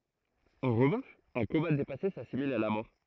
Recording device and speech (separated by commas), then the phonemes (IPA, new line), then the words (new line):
throat microphone, read sentence
ɑ̃ ʁəvɑ̃ʃ œ̃ koma depase sasimil a la mɔʁ
En revanche, un coma dépassé s'assimile à la mort.